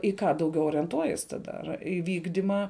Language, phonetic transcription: Lithuanian, i ką dauˈgiau orienˈtuojies ˈtada ar i ˈvykdima

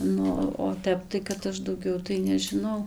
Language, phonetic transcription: Lithuanian, ˈnu o ˈtep tai kad ˈaš dauˈgiau tai nežiˈnau

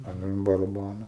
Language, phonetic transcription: Lithuanian, an baraˈbano

